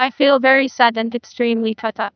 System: TTS, neural waveform model